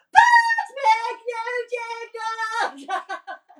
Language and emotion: English, happy